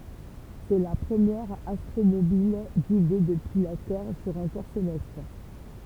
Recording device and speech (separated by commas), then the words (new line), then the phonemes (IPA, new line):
temple vibration pickup, read sentence
C'est la première astromobile guidée depuis la Terre sur un corps céleste.
sɛ la pʁəmjɛʁ astʁomobil ɡide dəpyi la tɛʁ syʁ œ̃ kɔʁ selɛst